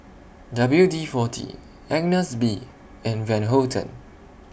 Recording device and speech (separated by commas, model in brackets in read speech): boundary microphone (BM630), read sentence